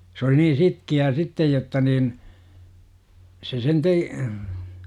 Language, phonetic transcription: Finnish, s ‿oli nii "sitki₍ää "sittej jotta niin , se sen tee- ,.
- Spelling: se oli niin sitkeää sitten jotta niin se sen -

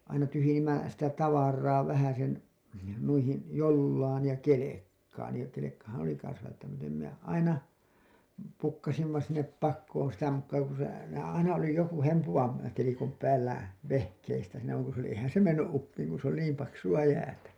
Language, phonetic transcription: Finnish, aina tyhyje-ǹimmä , sitä "tavar̀aa vähäsen , nuihin , "jollaan§ ja "ke-lekkaan§ ja kelekkahan oli 'kans välttämätöm minä aina , "pukkasimma sinnep 'pakkoon sitä mukkaa ko se , se aina oli joku 'hempuvam§ , telikom päällä , 'vehkeistä siinä vaŋ ku se ‿oli , ehän se menny’ ’uppiiŋ ku se ‿oli 'niim paksu₍a 'jäätä .
- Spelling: aina tyhjensimme sitä tavaraa vähäsen noihin jollaan ja kelkkaan ja kelkkahan oli kanssa välttämätön minä aina pukkasimme sinne pakoon sitä mukaa kun se se aina oli joku hempuvan telikon päällä vehkeistä siinä vaan kun se oli eihän se mennyt uppiin kun se oli niin paksua jäätä

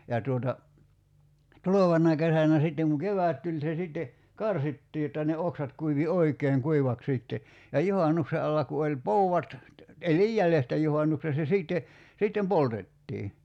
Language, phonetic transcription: Finnish, ja tuota , "tulovanna 'kesänä 'sitteŋ ku "kevä̀t tuĺ se 'sitte , "karsittii jotta ne 'oksat kuivi "oik̀eeŋ 'kuivak 'sìtte , ja 'juhanukse alla ku oĺ "pou₍at , 'elij "jälestä 'juhannukse se 'sìtte , 'sittem "poltettii .
- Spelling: ja tuota tulevana kesänä sitten kun kevät tuli se sitten karsittiin jotta ne oksat kuivui oikein kuivaksi sitten ja juhannuksen alla kun oli poudat eli jäljestä juhannuksen se sitten sitten poltettiin

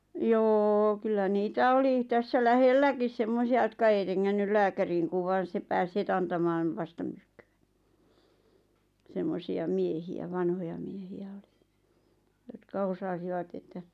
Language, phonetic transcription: Finnish, 'jô kyllä "niitä 'oli , tässä "lähelläkis 'sem-mosi₍a jotka ei 'reŋŋännyl 'lääkäriiŋ kuv vaan̬ 'se pääs 'het ‿antamaan , 'vastamyrkkʏ₍ᴀ̈ , 'semmosi₍a "miehi₍ä "vanhoja miehi₍ä olɪ , jotka 'osasivat ‿että ,.
- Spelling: jo kyllä niitä oli tässä lähelläkin semmoisia jotka ei rengännyt lääkäriin kun vain se pääsi heti antamaan vastamyrkkyä semmoisia miehiä vanhoja miehiä oli jotka osasivat että

